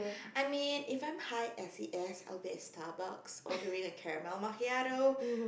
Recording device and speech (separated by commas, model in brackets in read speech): boundary microphone, conversation in the same room